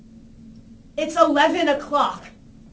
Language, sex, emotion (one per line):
English
female
angry